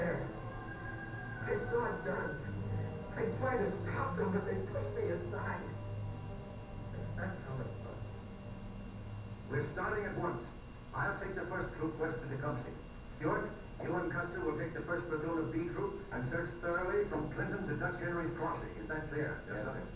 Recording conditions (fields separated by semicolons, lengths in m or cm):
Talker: no one; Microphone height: 69 cm; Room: large; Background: television